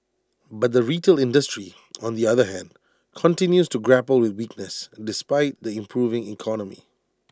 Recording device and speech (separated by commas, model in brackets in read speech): standing microphone (AKG C214), read sentence